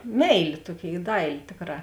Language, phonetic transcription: Lithuanian, ˈmeilė ˈtuoˌkėi ˈdailė ˈtėkˌrā

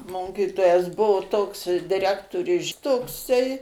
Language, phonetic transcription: Lithuanian, ˈmokytojas ˈbuvo ˈtoks diˈrektoriui ˈšitoksai

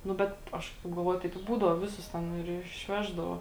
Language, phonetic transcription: Lithuanian, nu ˈbet ˈaš taip galˈvoju taip i ˈbūdau ˈviˌsus ˈten ir išˈveždavo

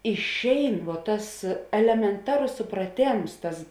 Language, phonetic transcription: Lithuanian, išˈein vuo ˈtas elemenˈtaros supraˈtėms ˈtas

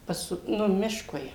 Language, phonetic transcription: Lithuanian, ˈpas ˈnu ˈmiškui

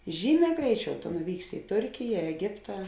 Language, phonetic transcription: Lithuanian, ˈžyˌmē ˈgreiˌčiau tu nuˈvyksi i ˈturkija eˈgiptą

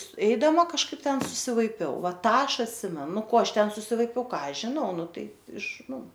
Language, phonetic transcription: Lithuanian, ˈeidama kažˈkaip ˈten susivaiˈpiau ˈva ˈtą ˈaš atˈsimenu ˈnu ˈko ˈaš ˈten susivaiˈpiau ˈką ˈaš žiˈnau ˈnu ˈtai iš ˈnu

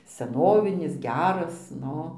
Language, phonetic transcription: Lithuanian, seˈnovinis ˈgeras ˈnu

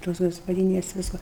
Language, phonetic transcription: Lithuanian, tos gaspaˈdynes ˈvisko

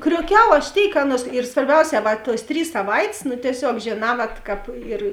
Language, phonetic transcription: Lithuanian, kriuoˈkiau aš ˈtėik ˈaˌnuos ir svarˈbiauˌsē ˈva tuos ˈtrys saˈvait's' nu tieˈsiog žėˈnā ˈvat ˈkāp ir

